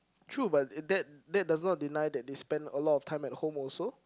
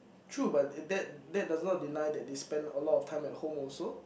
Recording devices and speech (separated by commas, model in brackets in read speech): close-talking microphone, boundary microphone, conversation in the same room